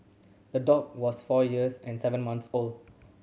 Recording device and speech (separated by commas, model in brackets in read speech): mobile phone (Samsung C7100), read sentence